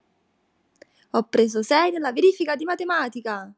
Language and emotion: Italian, happy